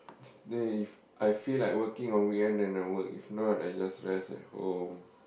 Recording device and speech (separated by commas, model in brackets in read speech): boundary microphone, conversation in the same room